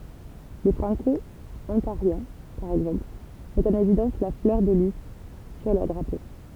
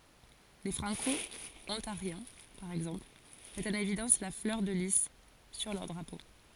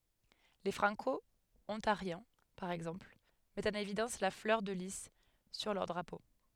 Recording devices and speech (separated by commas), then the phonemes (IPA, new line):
temple vibration pickup, forehead accelerometer, headset microphone, read sentence
le fʁɑ̃kɔɔ̃taʁjɛ̃ paʁ ɛɡzɑ̃pl mɛtt ɑ̃n evidɑ̃s la flœʁ də li syʁ lœʁ dʁapo